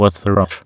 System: TTS, waveform concatenation